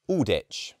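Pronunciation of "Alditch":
In 'Aldwych', the w is not pronounced, so it sounds like 'Alditch'.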